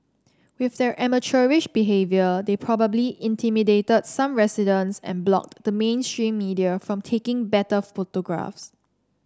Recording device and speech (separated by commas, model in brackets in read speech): standing microphone (AKG C214), read sentence